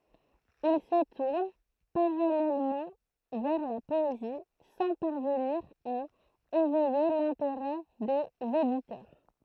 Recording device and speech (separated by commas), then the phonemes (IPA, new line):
throat microphone, read sentence
il sə tuʁn paʁalɛlmɑ̃ vɛʁ la pɔezi sɑ̃ paʁvəniʁ a evɛje lɛ̃teʁɛ dez editœʁ